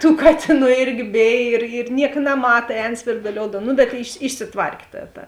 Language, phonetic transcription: Lithuanian, tų ˈkatėˌnų ˈirgi ˈbėj ir ir ˈniek naˈmata ˈēn svirduˈlioudam nu bet išsi išsiˈtvark' ˈta ta

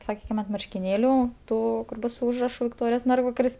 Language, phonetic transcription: Lithuanian, saˈkykim ant marškiˈnėlių ˈtų kur ˈbus su ˈužrašu vikˈtorijos ˈmergvakaris

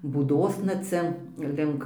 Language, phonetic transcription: Lithuanian, būˈdosna ˈcia ˈlink

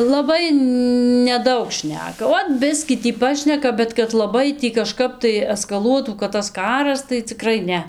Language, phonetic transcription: Lithuanian, laˈbai neˈdaug ˈšneka ˈot ˈbiskį tį ˈpašneka bet kad laˈbai ˈtį kaˈžkap tai eskaˈluotų kad tas ˈkaras tai ciˈkrai ˈne

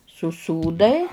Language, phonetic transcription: Lithuanian, suˈsūdai

